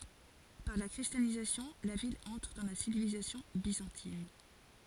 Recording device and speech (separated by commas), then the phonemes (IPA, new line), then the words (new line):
forehead accelerometer, read sentence
paʁ la kʁistjanizasjɔ̃ la vil ɑ̃tʁ dɑ̃ la sivilizasjɔ̃ bizɑ̃tin
Par la christianisation, la ville entre dans la civilisation byzantine.